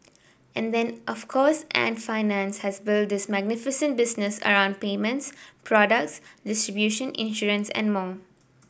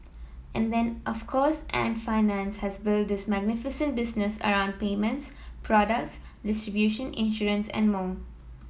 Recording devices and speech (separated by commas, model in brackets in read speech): boundary microphone (BM630), mobile phone (iPhone 7), read sentence